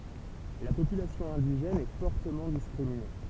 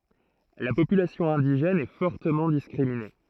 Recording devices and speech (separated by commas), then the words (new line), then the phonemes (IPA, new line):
temple vibration pickup, throat microphone, read sentence
La population indigène est fortement discriminée.
la popylasjɔ̃ ɛ̃diʒɛn ɛ fɔʁtəmɑ̃ diskʁimine